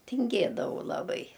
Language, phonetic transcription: Lithuanian, tinˈgėdavau laˈbai

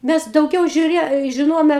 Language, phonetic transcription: Lithuanian, ˈmes dauˈgiau žiuˈrė žiˈnojome

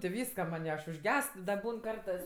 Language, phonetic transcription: Lithuanian, ti ˈvyska man' i aš užˈgest da ˈbūn ˈkartɜs

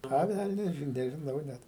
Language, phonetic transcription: Lithuanian, ˈa ˈvælnias ˈžin nežiˈnau ˈnet

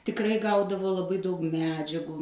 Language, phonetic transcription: Lithuanian, tikˈrai ˈgaudavo laˈbai daug ˈmedžiagų

